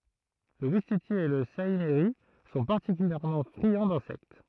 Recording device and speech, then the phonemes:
throat microphone, read sentence
lə wistiti e lə saimiʁi sɔ̃ paʁtikyljɛʁmɑ̃ fʁiɑ̃ dɛ̃sɛkt

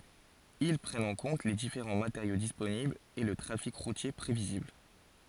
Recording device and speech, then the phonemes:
forehead accelerometer, read sentence
il pʁɛnt ɑ̃ kɔ̃t le difeʁɑ̃ mateʁjo disponiblz e lə tʁafik ʁutje pʁevizibl

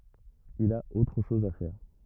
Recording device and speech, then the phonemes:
rigid in-ear microphone, read sentence
il a otʁ ʃɔz a fɛʁ

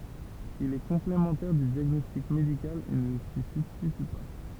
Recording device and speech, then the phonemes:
temple vibration pickup, read sentence
il ɛ kɔ̃plemɑ̃tɛʁ dy djaɡnɔstik medikal e nə si sybstity pa

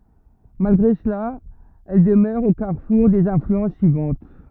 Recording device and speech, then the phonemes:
rigid in-ear microphone, read sentence
malɡʁe səla ɛl dəmœʁ o kaʁfuʁ dez ɛ̃flyɑ̃s syivɑ̃t

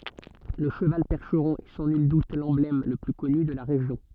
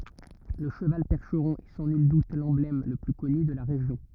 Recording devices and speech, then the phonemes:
soft in-ear microphone, rigid in-ear microphone, read sentence
lə ʃəval pɛʁʃʁɔ̃ ɛ sɑ̃ nyl dut lɑ̃blɛm lə ply kɔny də la ʁeʒjɔ̃

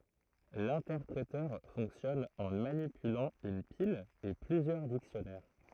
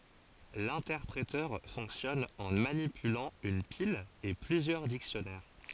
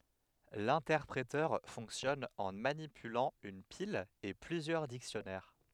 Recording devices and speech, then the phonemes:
throat microphone, forehead accelerometer, headset microphone, read sentence
lɛ̃tɛʁpʁetœʁ fɔ̃ksjɔn ɑ̃ manipylɑ̃ yn pil e plyzjœʁ diksjɔnɛʁ

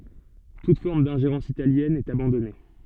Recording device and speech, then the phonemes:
soft in-ear microphone, read sentence
tut fɔʁm dɛ̃ʒeʁɑ̃s italjɛn ɛt abɑ̃dɔne

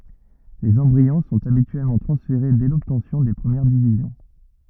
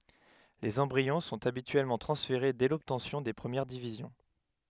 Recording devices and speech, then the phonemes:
rigid in-ear microphone, headset microphone, read sentence
lez ɑ̃bʁiɔ̃ sɔ̃t abityɛlmɑ̃ tʁɑ̃sfeʁe dɛ lɔbtɑ̃sjɔ̃ de pʁəmjɛʁ divizjɔ̃

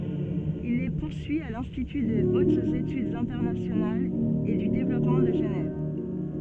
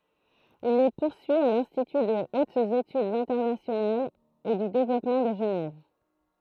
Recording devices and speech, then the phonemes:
soft in-ear microphone, throat microphone, read sentence
il le puʁsyi a lɛ̃stity də otz etydz ɛ̃tɛʁnasjonalz e dy devlɔpmɑ̃ də ʒənɛv

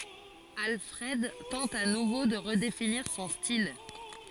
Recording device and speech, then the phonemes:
forehead accelerometer, read sentence
alfʁɛd tɑ̃t a nuvo də ʁədefiniʁ sɔ̃ stil

